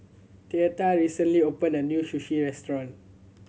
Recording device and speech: mobile phone (Samsung C7100), read sentence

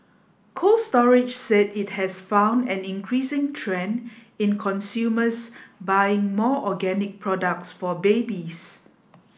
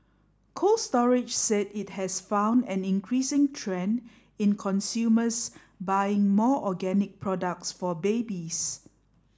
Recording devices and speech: boundary microphone (BM630), standing microphone (AKG C214), read sentence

